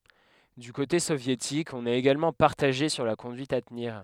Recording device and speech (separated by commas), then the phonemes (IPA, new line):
headset microphone, read sentence
dy kote sovjetik ɔ̃n ɛt eɡalmɑ̃ paʁtaʒe syʁ la kɔ̃dyit a təniʁ